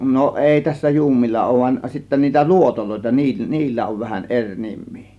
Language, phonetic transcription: Finnish, no 'ˀèi tässä "juummilla òŭv van sittä 'niitä "luotolòėta nii- , "niillä ov vähäˀ "ˀeŕ 'nim̆mII .
- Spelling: no ei tässä juumoilla ole vaan sitten niitä luotoja niin niillä on vähän eri nimi

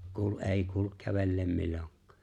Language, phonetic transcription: Finnish, 'kuul '’e̬e̬ⁱ 'kuuluk 'kävelleem 'milloŋk̀ᴀᴀ .
- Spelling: kuuli ei kuulu kävelleen milloinkaan

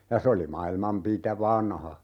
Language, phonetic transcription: Finnish, ja 'se oli 'mailmam "pitä - "vanha .
- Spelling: ja se oli maailman - vanha

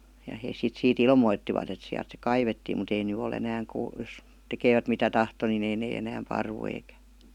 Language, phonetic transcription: Finnish, ja hees sit 'siit "ilmoittivat ‿et 'siält se "kaivettiim mut ‿ei 'ny o'l ‿enääŋ (kuu- jos) 'tekeevät mitä tahto ni 'ei nee enääm 'parvu eikä ,.
- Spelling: ja he sitten siitä ilmoittivat että sieltä se kaivettiin mutta ei nyt ole enää - jos tekevät mitä tahtoi niin ei ne enää paru eikä

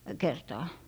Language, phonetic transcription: Finnish, 'kertaa .
- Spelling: kertaa

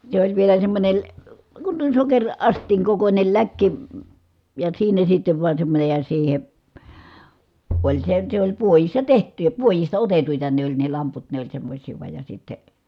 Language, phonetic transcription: Finnish, se ‿oĺ vielä semmońe l- , kun (tuon̬) sokeŕ- , -ast̀iiŋ kokońel läkki , ja siinä sittev vuan semmońej ja siihe , oĺ se , se ‿oĺ puojissa teht̀y ja , puojista otetuita ne ‿oĺ ne lamput ne ‿oĺ semmośii vuaj ja sitte ,.
- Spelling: se oli vielä semmoinen - kun tuon - sokeriastian kokoinen läkki ja siinä sitten vain semmoinen ja siihen oli se se oli puodissa tehty ja puodista otettuja ne oli ne lamput ne oli semmoisia vain ja sitten

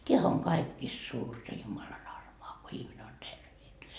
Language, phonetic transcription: Finnish, 't́eähä oŋ "kaikkiist suurta 'Jumalan 'armoa ko ihmine on 'terveen .
- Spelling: tämähän on kaikista suurta Jumalan armoa kun ihminen on terveenä

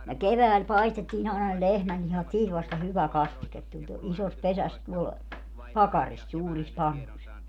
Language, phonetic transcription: Finnish, ne "kevääl 'paistettiin ‿àena ne "lehmällihat 'siit vasta 'hyvä "kastiket tuĺ to- , 'isos 'pesäs tuol , "pakaris 'suuris "pannus .
- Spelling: ne keväällä paistettiin aina ne lehmänlihat siitä vasta hyvä kastike tuli - isossa pesässä tuolla pakarissa suurissa pannuissa

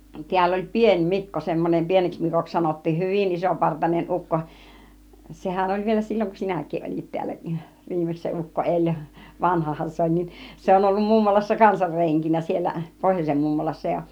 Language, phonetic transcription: Finnish, 'ti̬äll ‿oĺ "Pien "Mikko , semmonem 'pieneks 'Mikoks 'sanot̀tiin , "hỳvin 'isopartanen 'ukko , 'sehän oĺ vielä "silloŋ kun 'sinäkiˀ 'ˀol͕it tiällä , 'viimeks se 'ukko 'eĺ , 'vanhahan 'se oĺ nin , 'se on ollu 'mummolassa 'kansar 'reŋkinä siel̆lä , 'pohjos͕em 'mummolassa ja .
- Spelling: täällä oli Pieni Mikko semmoinen pieneksi Mikoksi sanottiin hyvin isopartainen ukko sehän oli vielä silloin kun sinäkin olit täällä viimeksi se ukko eli vanhahan se oli niin se on ollut mummolassa kanssa renkinä siellä pohjoisen mummolassa ja

